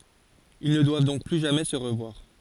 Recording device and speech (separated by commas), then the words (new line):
forehead accelerometer, read sentence
Ils ne doivent donc plus jamais se revoir.